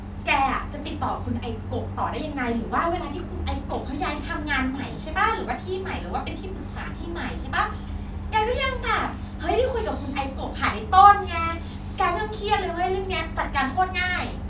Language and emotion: Thai, neutral